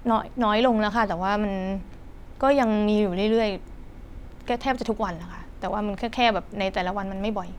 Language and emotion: Thai, frustrated